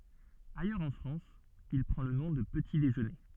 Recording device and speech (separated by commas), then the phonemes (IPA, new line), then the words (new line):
soft in-ear microphone, read sentence
ajœʁz ɑ̃ fʁɑ̃s il pʁɑ̃ lə nɔ̃ də pəti deʒøne
Ailleurs en France, il prend le nom de petit déjeuner.